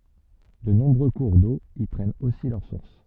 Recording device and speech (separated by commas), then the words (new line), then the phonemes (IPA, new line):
soft in-ear microphone, read sentence
De nombreux cours d'eau y prennent aussi leur source.
də nɔ̃bʁø kuʁ do i pʁɛnt osi lœʁ suʁs